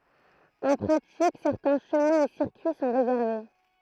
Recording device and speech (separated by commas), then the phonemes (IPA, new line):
throat microphone, read sentence
ɑ̃ pʁatik sɛʁtɛ̃ ʃəmɛ̃ e siʁkyi sɔ̃ ʁezɛʁve